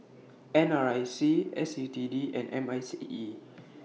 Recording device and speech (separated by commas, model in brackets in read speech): mobile phone (iPhone 6), read sentence